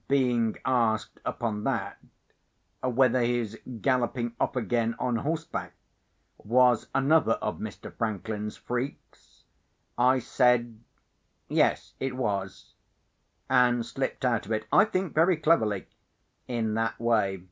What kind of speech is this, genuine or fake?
genuine